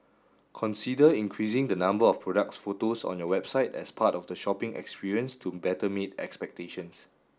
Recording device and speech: standing microphone (AKG C214), read sentence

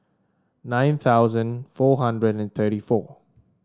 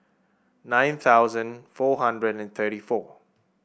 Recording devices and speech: standing microphone (AKG C214), boundary microphone (BM630), read sentence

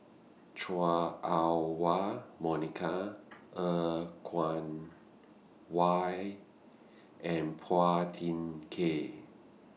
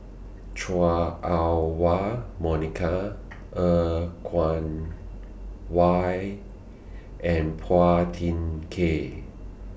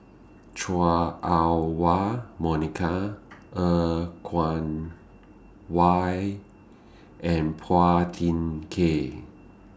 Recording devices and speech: mobile phone (iPhone 6), boundary microphone (BM630), standing microphone (AKG C214), read sentence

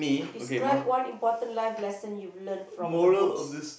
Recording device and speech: boundary microphone, conversation in the same room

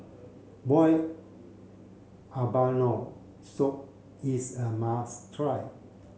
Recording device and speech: mobile phone (Samsung C7), read sentence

